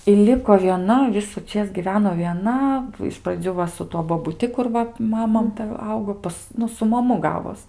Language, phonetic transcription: Lithuanian, i ˈliko vieˈna visuˈčės giˈveno vieˈna iš praˈdzių va su ˈtuo bobuˈti kur ˈva ˈmama ˈta ˈaugo ˈpas ˈnu su maˈmu ˈgavos

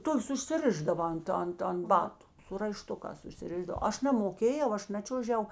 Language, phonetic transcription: Lithuanian, ˈtokės užsiˈrišdava ˈant ˈant ant ˈbatu su raiˈštukās užsiˈrišdav ˈaš namoˈkėjau ˈaš ˈnačiuožiau

